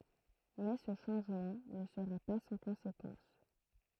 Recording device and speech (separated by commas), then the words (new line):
throat microphone, read sentence
Mais ce changement ne sera pas sans conséquence.